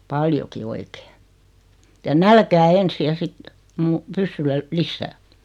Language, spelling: Finnish, paljonkin oikein ja nälkään ensin ja sitten - pyssyllä lisää
- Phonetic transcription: 'paljoki "oikee , ja "nälkää 'ensi ja sit , muu- , 'pyssyllä , "lissää .

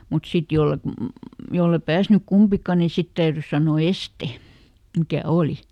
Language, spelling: Finnish, mutta sitten jos et jos ei päässyt kumpikaan niin sitten täytyi sanoa este mikä oli
- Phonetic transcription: mut ˈsit jollet , jolle ˈpääsnyk "kumpika ni ˈsit täyrys sanò "este , mikä ˈòli .

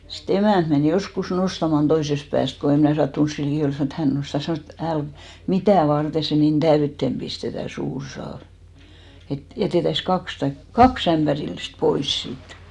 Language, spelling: Finnish, sitten emäntä meni joskus nostamaan toisesta päästä kun en minä sattunut siinä liki olla sanoi että hän nostaa sanoi et - mitä varten se niin täyteen pistetään suuri saavi että jätettäisiin kaksi tai kaksi ämpärillistä pois siitä
- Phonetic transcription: si"t ‿emä̀nt men 'joskus 'nostaman 'toisest pääst ko em mnä̀ 'sattuns siin 'likì ol sanò et 'hän nosta 'sanòs ‿e"t ‿"äl- , "mitä̀ 'varte se nin "ᴅäyttem 'ʙistetä 'suur 'saav « , et 'jätètäis 'kaks taik , "kaks ‿ämpärillist 'pois siit .

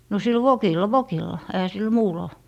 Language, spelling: Finnish, no sillä vokilla vokilla eihän sillä muulla
- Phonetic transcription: no sil "vokilla "vokilla , ehä sil 'muulɔ .

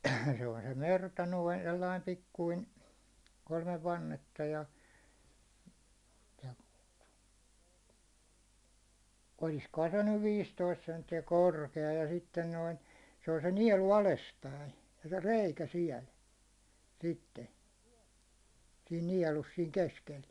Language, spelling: Finnish, se on se merta noin sellainen pikkuinen kolme vannetta ja ja olisikohan se nyt viisitoista senttiä korkea ja sitten noin se on se nielu alaspäin se reikä siellä sitten siinä nielussa siinä keskellä
- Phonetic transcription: se on se 'merta noin sellaim 'pikkuin , ko1mev 'vannetta ja , ja , oliskohan se nyv 'viistoist sentti₍ä "korke₍a ja sitten noin , se on se 'niɛlu 'alespäin , se 'reikä 'siɛl , 'sitte , siin 'niɛlus siiŋ 'keskel .

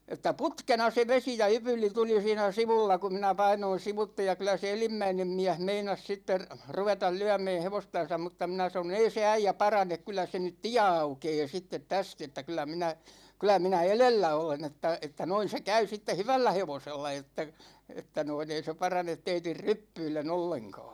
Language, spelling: Finnish, että putkena se vesi ja ypyli tuli siinä sivulla kun minä painoin sivuitse ja kyllä se edimmäinen mies meinasi sitten ruveta lyömään hevostansa mutta minä sanoin ei se äijä parane kyllä se nyt tie aukeaa sitten tästä että kyllä minä kyllä minä edellä olen että että noin se käy sitten hyvällä hevosella että että noin ei se parane teidän ryppyillen ollenkaan
- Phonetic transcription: että "putkena se 'vesi ja 'ypyl̆li 'tuli siinä 'sivulla ku minä 'painoin̬ 'sivutte ja kylä se "elimmäinem 'miäh 'meinas 'sitter , "ruvetal 'lyämɛɛ 'hevostan̬sam mutta minä sano"n‿ » ei se "äijä 'paranek 'kyl̆lä se nyt "tiä 'aukee sittet 'täst ‿että kyl̆lä minä , 'kylä minä "elellä 'olen ‿että , että 'noin̬ se 'käy sitte "hyvällä 'hevosella että , että noin ‿ei se 'paranet 'teitir "ryppyille'n ‿olleŋka̭a̭ « .

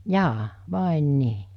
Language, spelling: Finnish, jaa vai niin
- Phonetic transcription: 'jaa , "vàen 'nii .

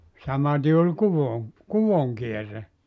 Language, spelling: Finnish, samaten oli kuvon kuvon kierre
- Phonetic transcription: 'samati ol 'kuvoŋ , "kuvoŋ 'kierre .

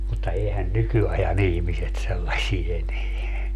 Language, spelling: Finnish, mutta eihän nykyajan ihmiset sellaisia enää
- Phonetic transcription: mutta 'eehän "nykyaja'n ‿ihmiset 'sellasie 'eneä .

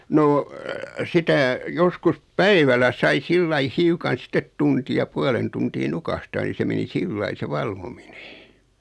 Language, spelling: Finnish, no sitä joskus päivällä sai sillä lailla hiukan sitten tunnin ja puolen tuntia nukahtaa niin se meni sillä lailla se valvominen
- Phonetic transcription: 'noo , 'sitä , 'joskus , "päivälä sai 'sillai "hiukan 'sⁱtet 'tuntij ja 'pualen tuntii "nukahtaa ni 'se meni "sillai se 'valvominᴇ .

